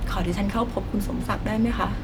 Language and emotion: Thai, sad